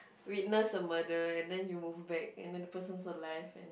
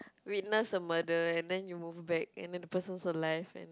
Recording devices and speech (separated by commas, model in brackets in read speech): boundary microphone, close-talking microphone, conversation in the same room